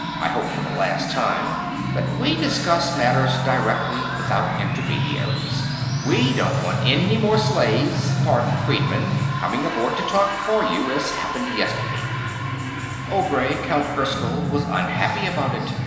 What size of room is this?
A large, echoing room.